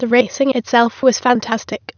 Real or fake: fake